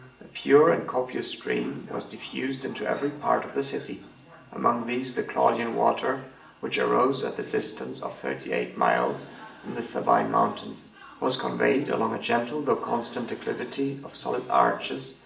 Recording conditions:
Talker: one person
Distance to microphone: 1.8 m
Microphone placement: close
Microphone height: 1.0 m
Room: large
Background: television

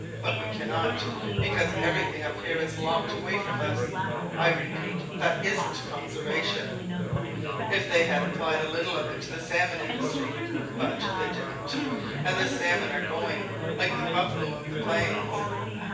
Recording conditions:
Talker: one person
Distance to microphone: 9.8 m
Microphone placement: far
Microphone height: 1.8 m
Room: large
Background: babble

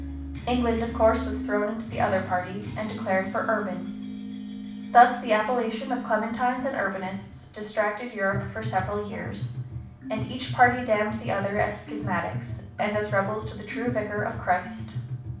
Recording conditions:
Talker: one person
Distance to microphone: 5.8 m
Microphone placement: far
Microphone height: 1.8 m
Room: medium-sized (5.7 m by 4.0 m)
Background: music

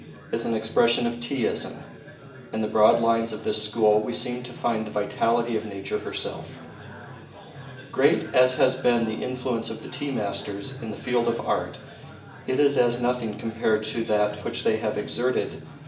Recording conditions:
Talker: one person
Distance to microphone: 1.8 m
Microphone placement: close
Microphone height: 1.0 m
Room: large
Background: babble

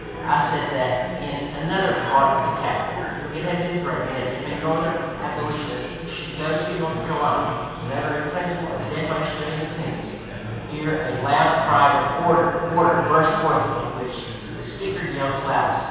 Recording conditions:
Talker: one person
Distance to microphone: 7.1 m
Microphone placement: far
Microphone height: 1.7 m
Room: very reverberant, large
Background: babble

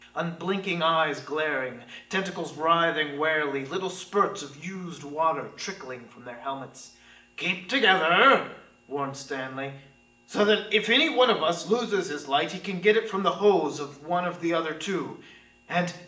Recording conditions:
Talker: one person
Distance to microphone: 1.8 m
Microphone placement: close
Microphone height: 1.0 m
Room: large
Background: none

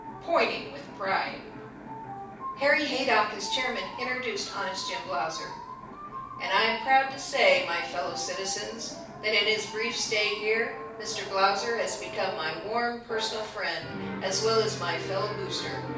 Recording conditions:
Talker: one person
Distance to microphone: 5.8 m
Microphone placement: far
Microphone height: 1.8 m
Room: medium-sized (5.7 m by 4.0 m)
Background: television

